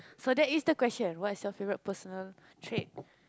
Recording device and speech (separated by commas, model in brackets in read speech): close-talking microphone, conversation in the same room